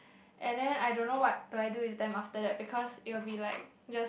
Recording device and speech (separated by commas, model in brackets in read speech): boundary microphone, conversation in the same room